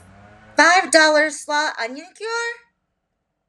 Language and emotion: English, surprised